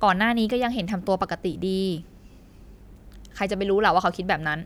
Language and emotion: Thai, frustrated